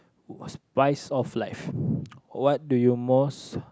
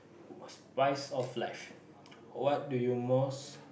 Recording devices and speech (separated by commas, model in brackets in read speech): close-talking microphone, boundary microphone, conversation in the same room